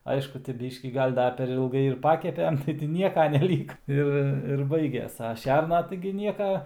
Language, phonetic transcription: Lithuanian, ˈaišku ti ˈbyškį ˈgal' ˈda per ilˈgai ir ˈpakepem tai ti ˈnieka neˈlyka ˈir ir ˈbaiges a ˈšerna taigi ˈnieka

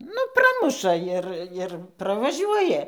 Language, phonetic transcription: Lithuanian, ˈnu ˈpramuša ˈir ir pravaˈžiuoja

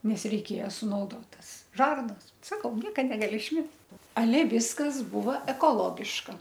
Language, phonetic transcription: Lithuanian, ˈnes reiˈkėja sunauˈdot ˈtas ˈžarnas ˈsakau ˈnieka negaˈli išˈmes aˈle ˈviskas ˈbūva ekoˈlogiška

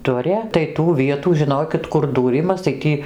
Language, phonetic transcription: Lithuanian, ˈduria tai tų ˈvietų žiˈnokit kur dūˈrimas tai ˈtį

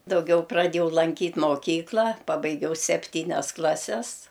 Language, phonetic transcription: Lithuanian, dauˈgiau praˈdėjau lanˈkyt' moˈkykla ˈpabaigiau sepˈtynias ˈklases

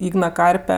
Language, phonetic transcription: Lithuanian, ˈygna ˈkarpe

